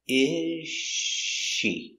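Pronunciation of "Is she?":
'Is' and 'she' are linked together, and the s sound of 'is' is not heard.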